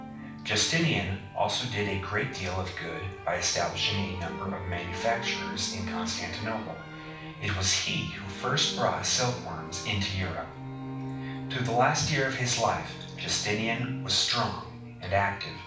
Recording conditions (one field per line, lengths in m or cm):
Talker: one person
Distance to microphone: 5.8 m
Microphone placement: far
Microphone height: 1.8 m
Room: medium-sized (5.7 m by 4.0 m)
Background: music